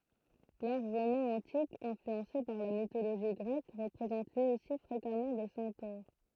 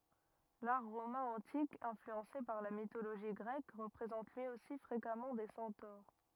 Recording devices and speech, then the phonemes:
throat microphone, rigid in-ear microphone, read sentence
laʁ ʁomɛ̃ ɑ̃tik ɛ̃flyɑ̃se paʁ la mitoloʒi ɡʁɛk ʁəpʁezɑ̃t lyi osi fʁekamɑ̃ de sɑ̃toʁ

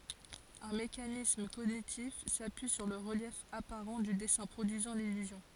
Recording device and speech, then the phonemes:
forehead accelerometer, read sentence
œ̃ mekanism koɲitif sapyi syʁ lə ʁəljɛf apaʁɑ̃ dy dɛsɛ̃ pʁodyizɑ̃ lilyzjɔ̃

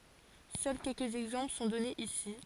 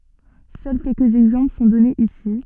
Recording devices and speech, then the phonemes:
forehead accelerometer, soft in-ear microphone, read sentence
sœl kɛlkəz ɛɡzɑ̃pl sɔ̃ dɔnez isi

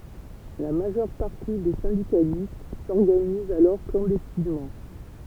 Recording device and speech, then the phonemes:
temple vibration pickup, read sentence
la maʒœʁ paʁti de sɛ̃dikalist sɔʁɡanizt alɔʁ klɑ̃dɛstinmɑ̃

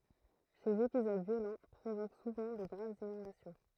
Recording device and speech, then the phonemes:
throat microphone, read sentence
sez epizod vjolɑ̃ pʁovok suvɑ̃ də ɡʁavz inɔ̃dasjɔ̃

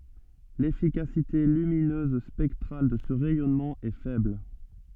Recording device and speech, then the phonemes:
soft in-ear microphone, read sentence
lefikasite lyminøz spɛktʁal də sə ʁɛjɔnmɑ̃ ɛ fɛbl

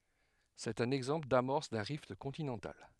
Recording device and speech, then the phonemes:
headset microphone, read sentence
sɛt œ̃n ɛɡzɑ̃pl damɔʁs dœ̃ ʁift kɔ̃tinɑ̃tal

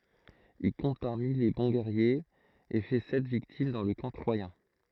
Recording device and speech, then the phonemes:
throat microphone, read sentence
il kɔ̃t paʁmi le bɔ̃ ɡɛʁjez e fɛ sɛt viktim dɑ̃ lə kɑ̃ tʁwajɛ̃

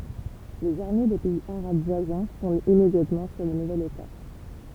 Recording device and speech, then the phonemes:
temple vibration pickup, read sentence
lez aʁme de pɛiz aʁab vwazɛ̃ fɔ̃dt immedjatmɑ̃ syʁ lə nuvɛl eta

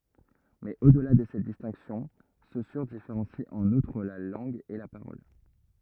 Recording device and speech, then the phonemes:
rigid in-ear microphone, read sentence
mɛz o dəla də sɛt distɛ̃ksjɔ̃ sosyʁ difeʁɑ̃si ɑ̃n utʁ la lɑ̃ɡ e la paʁɔl

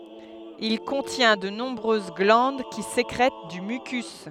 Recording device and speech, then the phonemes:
headset microphone, read sentence
il kɔ̃tjɛ̃ də nɔ̃bʁøz ɡlɑ̃d ki sekʁɛt dy mykys

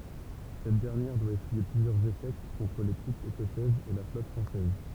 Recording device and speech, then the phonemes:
temple vibration pickup, read sentence
sɛt dɛʁnjɛʁ dwa esyije plyzjœʁz eʃɛk kɔ̃tʁ le tʁupz ekɔsɛzz e la flɔt fʁɑ̃sɛz

